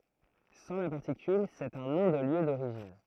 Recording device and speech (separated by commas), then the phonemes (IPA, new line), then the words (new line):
throat microphone, read sentence
sɑ̃ la paʁtikyl sɛt œ̃ nɔ̃ də ljø doʁiʒin
Sans la particule, c’est un nom de lieu d’origine.